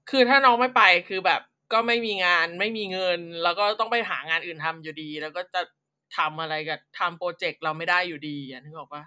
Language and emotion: Thai, frustrated